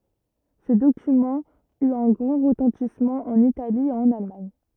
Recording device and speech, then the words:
rigid in-ear microphone, read sentence
Ce document eut un grand retentissement en Italie et en Allemagne.

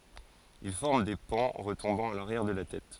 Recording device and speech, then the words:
forehead accelerometer, read sentence
Il forme des pans retombant à l'arrière de la tête.

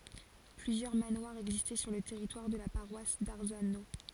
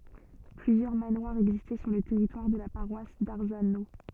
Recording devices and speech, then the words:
forehead accelerometer, soft in-ear microphone, read sentence
Plusieurs manoirs existaient sur le territoire de la paroisse d'Arzano.

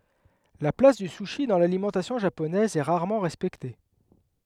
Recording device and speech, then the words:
headset microphone, read sentence
La place du sushi dans l'alimentation japonaise est rarement respectée.

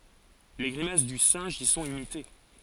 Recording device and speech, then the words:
forehead accelerometer, read sentence
Les grimaces du singe y sont imitées.

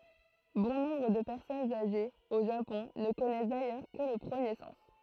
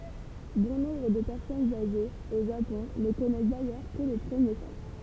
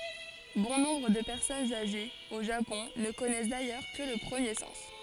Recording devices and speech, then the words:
throat microphone, temple vibration pickup, forehead accelerometer, read sentence
Bon nombre de personnes âgées, au Japon, ne connaissent d'ailleurs que le premier sens.

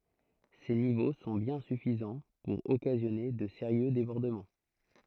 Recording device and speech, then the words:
throat microphone, read sentence
Ces niveaux sont bien suffisants pour occasionner de sérieux débordements.

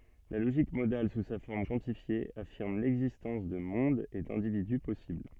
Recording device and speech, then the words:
soft in-ear microphone, read sentence
La logique modale sous sa forme quantifiée affirme l'existence de mondes et d'individus possibles.

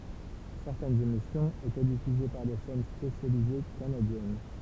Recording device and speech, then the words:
temple vibration pickup, read sentence
Certaines émissions étaient diffusées par des chaînes spécialisées canadiennes.

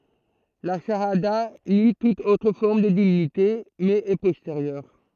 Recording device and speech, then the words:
throat microphone, read sentence
La chahada nie toute autre forme de divinité, mais est postérieure.

